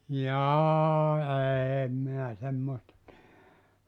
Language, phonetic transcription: Finnish, "jaaa 'eem minä 'semmoista ti[edä] .
- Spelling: jaa en minä semmoista tiedä

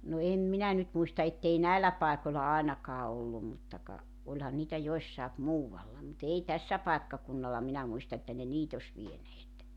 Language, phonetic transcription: Finnish, no 'em "minä nyt 'muista ettei "näillä 'pàekoĺla 'àenakaa 'ollum mutta ka , 'oĺhan niitä 'joⁱssaep "muuwalla mu't ‿ei 'tässä paekkakunnalla 'minä muista että ne "niit ‿oś 'vieneet .
- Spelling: no en minä nyt muista että ei näillä paikolla ainakaan ollut mutta ka olihan niitä jossakin muualla mutta ei tässä paikkakunnalla minä muista että ne niitä olisi vieneet

